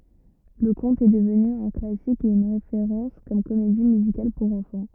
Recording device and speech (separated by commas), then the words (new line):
rigid in-ear microphone, read sentence
Le conte est devenu un classique et une référence comme comédie musicale pour enfants.